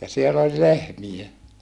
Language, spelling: Finnish, ja siellä oli lehmiä
- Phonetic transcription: ja siel ‿oĺ lehmiʲe !

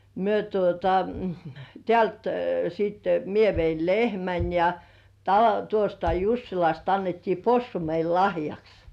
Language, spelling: Finnish, me tuota täältä sitten minä vein lehmän ja - tuosta Jussilasta annettiin possu meille lahjaksi
- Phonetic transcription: 'myö tuota , "tĕä̀lt siitte , 'mie veil "lehmän , ja , ta- tuosta "Jussilast ‿annettii "possu meil 'lahjaks .

